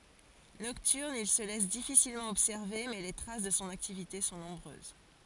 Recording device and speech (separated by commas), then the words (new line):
forehead accelerometer, read sentence
Nocturne, il se laisse difficilement observer mais les traces de son activité sont nombreuses.